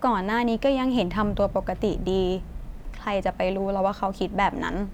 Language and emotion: Thai, neutral